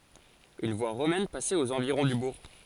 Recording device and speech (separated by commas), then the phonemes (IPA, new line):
forehead accelerometer, read sentence
yn vwa ʁomɛn pasɛt oz ɑ̃viʁɔ̃ dy buʁ